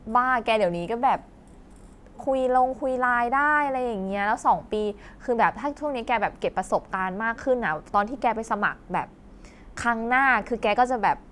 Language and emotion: Thai, neutral